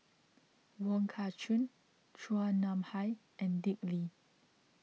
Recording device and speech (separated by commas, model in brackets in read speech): mobile phone (iPhone 6), read sentence